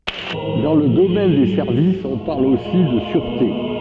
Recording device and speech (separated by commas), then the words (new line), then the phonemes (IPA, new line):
soft in-ear microphone, read sentence
Dans le domaine des services, on parle aussi de sûreté.
dɑ̃ lə domɛn de sɛʁvisz ɔ̃ paʁl osi də syʁte